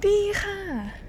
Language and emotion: Thai, happy